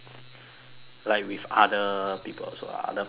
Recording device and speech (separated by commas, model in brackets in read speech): telephone, conversation in separate rooms